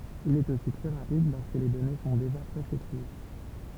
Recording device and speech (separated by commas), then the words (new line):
temple vibration pickup, read sentence
Il est aussi très rapide lorsque les données sont déjà presque triées.